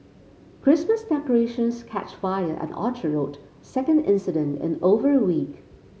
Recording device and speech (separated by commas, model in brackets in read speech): mobile phone (Samsung C5), read sentence